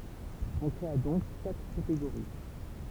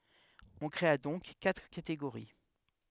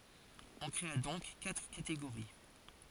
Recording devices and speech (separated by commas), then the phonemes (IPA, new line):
temple vibration pickup, headset microphone, forehead accelerometer, read sentence
ɔ̃ kʁea dɔ̃k katʁ kateɡoʁi